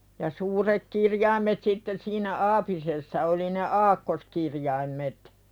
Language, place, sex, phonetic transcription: Finnish, Pälkäne, female, ja suurek 'kirjaim̀et sitteⁿ siinä "aapisessa oli ne "aakkoskirjaim̀et .
- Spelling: ja suuret kirjaimet sitten siinä aapisessa oli ne aakkoskirjaimet

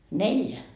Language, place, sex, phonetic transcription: Finnish, Markkova, female, 'neljä .
- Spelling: neljä

